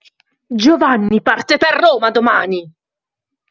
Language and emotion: Italian, angry